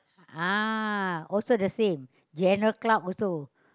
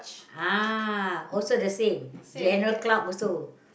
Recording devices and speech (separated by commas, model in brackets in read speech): close-talking microphone, boundary microphone, conversation in the same room